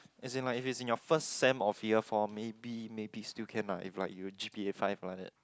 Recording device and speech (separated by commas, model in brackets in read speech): close-talking microphone, conversation in the same room